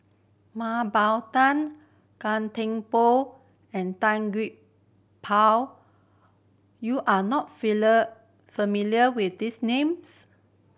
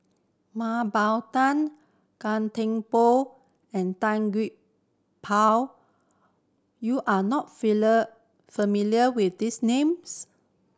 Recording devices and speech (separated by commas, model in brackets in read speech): boundary microphone (BM630), standing microphone (AKG C214), read sentence